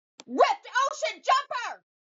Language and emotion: English, angry